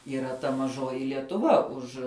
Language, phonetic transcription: Lithuanian, yˈra ta maˈžoji lietuˈva ˈuž

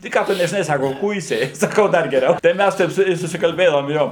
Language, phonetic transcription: Lithuanian, tai ˈką tu nežiˈnai ˈsako ˈkuisiai saˈkau ˈdar geˈriau tai ˈmæs ˈteip su ˈjuo i susikalˈbėdavom ˈjo

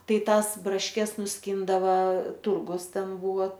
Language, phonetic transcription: Lithuanian, ˈtai ˈtąs brašˈkes nusˈkyndava ˈturgus ˈten ˈbūva

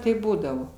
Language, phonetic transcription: Lithuanian, ˈtaip ˈbūdavo

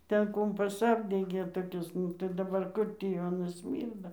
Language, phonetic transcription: Lithuanian, ˈten ˈkumpas ˈapdegė toˈkis tai daˈbar ˈkur tį jau aˈnas ˈsmyrda

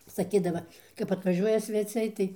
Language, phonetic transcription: Lithuanian, saˈkydava kap atvaˈžiuoja sveˈciai tai

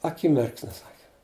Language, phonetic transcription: Lithuanian, aˈkimirksniu ˈsaki

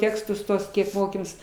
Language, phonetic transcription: Lithuanian, ˈtekstus ˈtuos ˈkiek ˈmokėmės

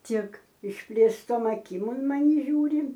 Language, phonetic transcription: Lithuanian, ˈtik išplėsˈtom aˈkim un maˈni ˈžiūri

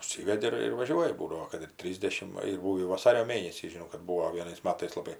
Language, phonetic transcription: Lithuanian, užˈsyvedi ir ir vaˈžiuoji ˈbūdavo kad ir ˈtrysdešim ˈva ir ˈbūvį vaˈsario ˈmėnesį žiˈnau kad ˈbūo vieˈnais ˈmatais laˈbai

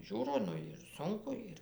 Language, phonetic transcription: Lithuanian, ˈžiūro ˈnu ir ˈsunku ˈir

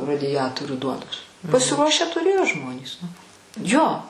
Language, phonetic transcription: Lithuanian, radiˈjatorių ˈduonos pasiˈruošę tuˈrėjo ˈžmonys nu ˈjo

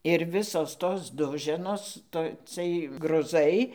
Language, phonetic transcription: Lithuanian, ir ˈvisos ˈtos ˈduženos ˈto ˈcɨɜj gruˈzai

